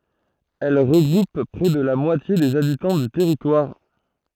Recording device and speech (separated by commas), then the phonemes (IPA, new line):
throat microphone, read sentence
ɛl ʁəɡʁup pʁɛ də la mwatje dez abitɑ̃ dy tɛʁitwaʁ